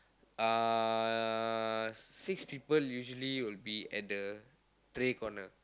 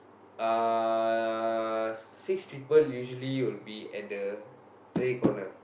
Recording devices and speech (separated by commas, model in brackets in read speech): close-talking microphone, boundary microphone, conversation in the same room